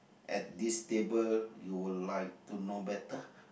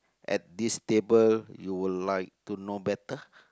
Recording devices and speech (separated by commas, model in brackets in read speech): boundary microphone, close-talking microphone, conversation in the same room